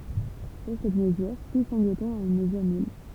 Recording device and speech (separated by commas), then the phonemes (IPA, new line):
temple vibration pickup, read sentence
puʁ sɛt məzyʁ tu sɛ̃ɡlətɔ̃ a yn məzyʁ nyl